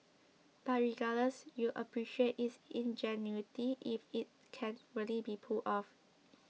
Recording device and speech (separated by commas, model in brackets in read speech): mobile phone (iPhone 6), read sentence